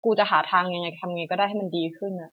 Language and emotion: Thai, frustrated